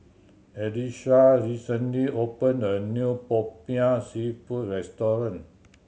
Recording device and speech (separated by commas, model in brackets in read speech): mobile phone (Samsung C7100), read sentence